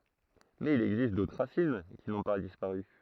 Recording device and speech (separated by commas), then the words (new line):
throat microphone, read sentence
Mais il existe d'autres racines qui n'ont pas disparu.